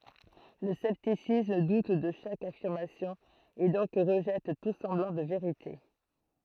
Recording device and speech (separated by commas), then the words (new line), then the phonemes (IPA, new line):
throat microphone, read sentence
Le scepticisme doute de chaque affirmation, et donc rejette tout semblant de “vérité”.
lə sɛptisism dut də ʃak afiʁmasjɔ̃ e dɔ̃k ʁəʒɛt tu sɑ̃blɑ̃ də veʁite